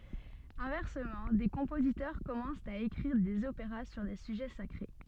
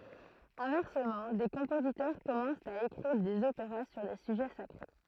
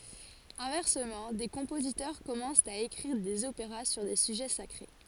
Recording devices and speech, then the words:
soft in-ear microphone, throat microphone, forehead accelerometer, read sentence
Inversement, des compositeurs commencent à écrire des opéras sur des sujets sacrés.

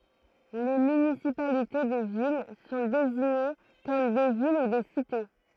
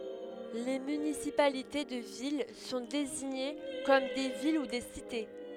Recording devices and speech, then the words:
throat microphone, headset microphone, read sentence
Les municipalités de villes sont désignées comme des villes ou des cités.

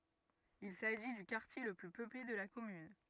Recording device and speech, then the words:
rigid in-ear microphone, read sentence
Il s'agit du quartier le plus peuplé de la commune.

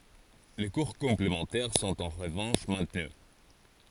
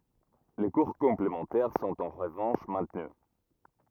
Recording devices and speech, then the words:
forehead accelerometer, rigid in-ear microphone, read sentence
Les cours complémentaires sont en revanche maintenus.

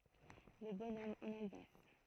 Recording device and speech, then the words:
throat microphone, read sentence
Le bonhomme en Alsace.

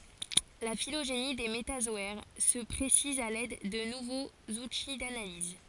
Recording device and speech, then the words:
forehead accelerometer, read sentence
La phylogénie des métazoaires se précise à l'aide de nouveaux outils d'analyse.

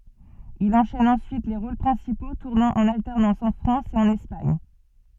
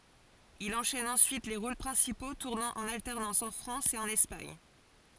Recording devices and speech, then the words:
soft in-ear microphone, forehead accelerometer, read sentence
Il enchaîne ensuite les rôles principaux, tournant en alternance en France et en Espagne.

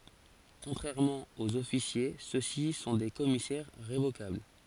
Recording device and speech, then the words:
forehead accelerometer, read sentence
Contrairement aux officiers ceux-ci sont des commissaires révocables.

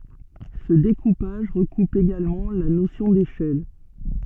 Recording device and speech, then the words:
soft in-ear microphone, read sentence
Ce découpage recoupe également la notion d'échelle.

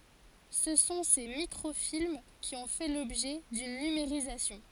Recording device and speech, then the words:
forehead accelerometer, read sentence
Ce sont ces microfilms qui ont fait l’objet d’une numérisation.

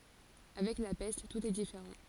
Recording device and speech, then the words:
forehead accelerometer, read sentence
Avec la peste, tout est différent.

